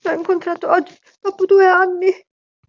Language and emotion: Italian, sad